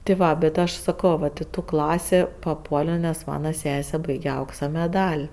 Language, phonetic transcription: Lithuanian, ti ˈva bet ˈaš saˈko vat i ˈtų ˈklasė paˈpuolio nes ˈmana ˈsese ˈbaige ˈauksa meˈdal'

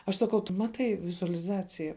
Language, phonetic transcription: Lithuanian, aš saˈkau tu ˈmatai vizualiˈzacija

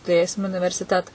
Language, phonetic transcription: Lithuanian, tuˈrėsim universiˈteta

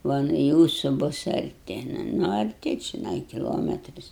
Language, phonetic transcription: Lithuanian, ˈva nu ˈjūsu ˈbus arˈti ˈnu arˈti čiˈnai kiˈlometris

